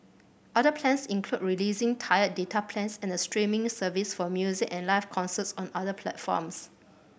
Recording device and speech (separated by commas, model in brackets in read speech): boundary microphone (BM630), read sentence